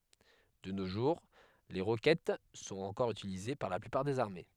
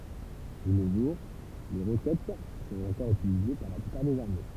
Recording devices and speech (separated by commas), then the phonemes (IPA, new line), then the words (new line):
headset microphone, temple vibration pickup, read sentence
də no ʒuʁ le ʁokɛt sɔ̃t ɑ̃kɔʁ ytilize paʁ la plypaʁ dez aʁme
De nos jours, les roquettes sont encore utilisées par la plupart des armées.